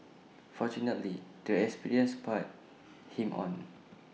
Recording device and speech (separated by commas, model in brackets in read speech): mobile phone (iPhone 6), read sentence